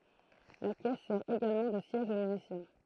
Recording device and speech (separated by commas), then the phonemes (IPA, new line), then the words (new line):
throat microphone, read sentence
la kɛs sɛʁ eɡalmɑ̃ də sjɛʒ o myzisjɛ̃
La caisse sert également de siège au musicien.